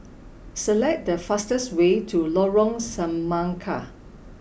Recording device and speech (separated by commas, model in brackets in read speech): boundary microphone (BM630), read sentence